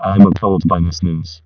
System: VC, vocoder